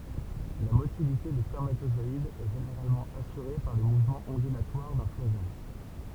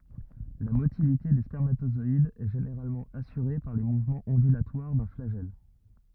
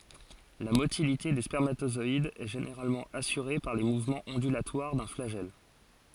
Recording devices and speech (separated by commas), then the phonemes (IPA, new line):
temple vibration pickup, rigid in-ear microphone, forehead accelerometer, read sentence
la motilite de spɛʁmatozɔidz ɛ ʒeneʁalmɑ̃ asyʁe paʁ le muvmɑ̃z ɔ̃dylatwaʁ dœ̃ flaʒɛl